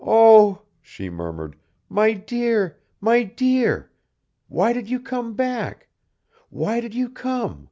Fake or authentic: authentic